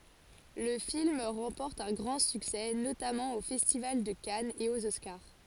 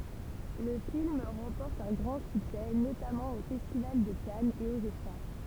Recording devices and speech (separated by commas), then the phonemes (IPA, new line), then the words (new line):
forehead accelerometer, temple vibration pickup, read sentence
lə film ʁɑ̃pɔʁt œ̃ ɡʁɑ̃ syksɛ notamɑ̃ o fɛstival də kanz e oz ɔskaʁ
Le film remporte un grand succès, notamment au Festival de Cannes et aux Oscars.